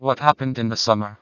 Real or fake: fake